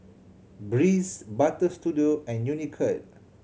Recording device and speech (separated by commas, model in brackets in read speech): mobile phone (Samsung C7100), read sentence